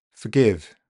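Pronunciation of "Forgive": In 'forgive', the schwa comes before the stressed syllable and is really weak.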